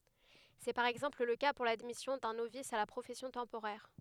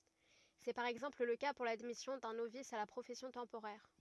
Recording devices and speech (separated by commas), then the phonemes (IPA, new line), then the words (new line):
headset microphone, rigid in-ear microphone, read sentence
sɛ paʁ ɛɡzɑ̃pl lə ka puʁ ladmisjɔ̃ dœ̃ novis a la pʁofɛsjɔ̃ tɑ̃poʁɛʁ
C'est par exemple le cas pour l'admission d'un novice à la profession temporaire.